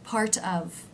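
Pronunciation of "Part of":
In 'part of', the t is changed to a d sound, which smooths the two words together.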